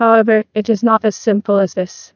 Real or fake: fake